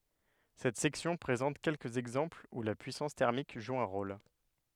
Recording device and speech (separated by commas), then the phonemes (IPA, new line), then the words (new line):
headset microphone, read sentence
sɛt sɛksjɔ̃ pʁezɑ̃t kɛlkəz ɛɡzɑ̃plz u la pyisɑ̃s tɛʁmik ʒu œ̃ ʁol
Cette section présente quelques exemples où la puissance thermique joue un rôle.